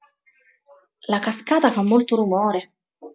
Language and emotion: Italian, neutral